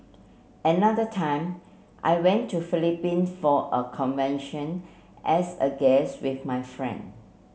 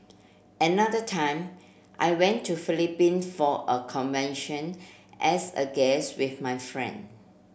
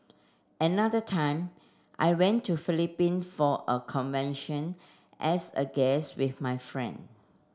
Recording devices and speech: mobile phone (Samsung C7), boundary microphone (BM630), standing microphone (AKG C214), read sentence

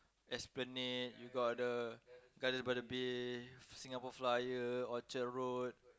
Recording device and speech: close-talking microphone, conversation in the same room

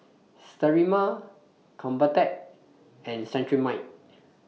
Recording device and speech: mobile phone (iPhone 6), read sentence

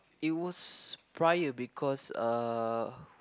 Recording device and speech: close-talking microphone, conversation in the same room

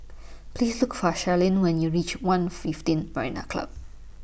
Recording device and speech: boundary microphone (BM630), read sentence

